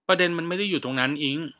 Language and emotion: Thai, frustrated